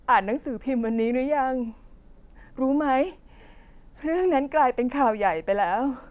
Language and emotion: Thai, sad